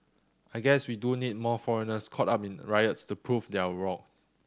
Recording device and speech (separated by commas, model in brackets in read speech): standing microphone (AKG C214), read sentence